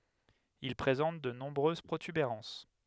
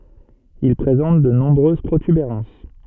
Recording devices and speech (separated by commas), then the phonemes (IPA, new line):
headset microphone, soft in-ear microphone, read sentence
il pʁezɑ̃t də nɔ̃bʁøz pʁotybeʁɑ̃s